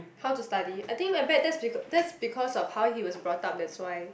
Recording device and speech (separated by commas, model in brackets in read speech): boundary microphone, conversation in the same room